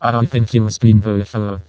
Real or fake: fake